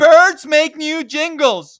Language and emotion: English, disgusted